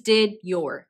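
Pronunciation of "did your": In 'did your', the d sound at the end of 'did' and the y sound at the start of 'your' coalesce into one sound.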